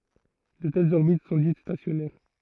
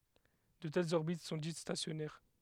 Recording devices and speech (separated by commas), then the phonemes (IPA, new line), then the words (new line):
throat microphone, headset microphone, read sentence
də tɛlz ɔʁbit sɔ̃ dit stasjɔnɛʁ
De telles orbites sont dites stationnaires.